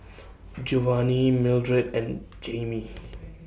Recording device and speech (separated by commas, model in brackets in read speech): boundary microphone (BM630), read sentence